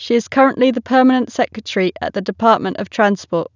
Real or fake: real